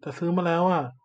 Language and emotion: Thai, frustrated